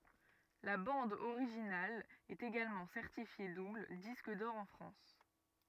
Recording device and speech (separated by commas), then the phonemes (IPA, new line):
rigid in-ear microphone, read sentence
la bɑ̃d oʁiʒinal ɛt eɡalmɑ̃ sɛʁtifje dubl disk dɔʁ ɑ̃ fʁɑ̃s